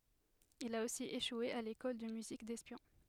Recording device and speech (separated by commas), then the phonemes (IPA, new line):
headset microphone, read sentence
il a osi eʃwe a lekɔl də myzik dɛspjɔ̃